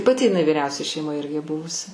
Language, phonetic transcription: Lithuanian, paˈti iˈnai viˈriausia šeiˈmoj ˈirgi ˈbuvus

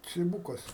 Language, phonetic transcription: Lithuanian, ciˈbūkas

